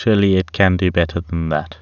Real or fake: real